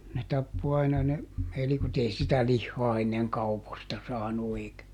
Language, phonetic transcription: Finnish, ne ˈtappo aina ne , ˈelikot - ei sitä "lihhɔa enneŋ "kauposta ˈsaanu èikä ,.
- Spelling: ne tappoi aina ne elikot ei sitä lihaa ennen kaupoista saanut eikä

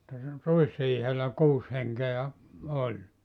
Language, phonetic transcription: Finnish, [et]tä (siinä) 'ruisriihellä , 'kuus heŋke₍ä , 'oĺ .
- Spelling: että siinä ruisriihellä kuusi henkeä oli

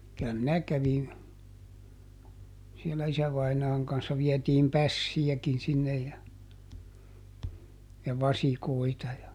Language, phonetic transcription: Finnish, ˈkylä minä ˈkävin , sielä ˈisävainaaŋ kanssa ˈviɛtiim "pässijäkin ˈsinnej ja , ja "vasikoita ja ,.
- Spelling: kyllä minä kävin siellä isävainaan kanssa vietiin pässejäkin sinne ja ja vasikoita ja

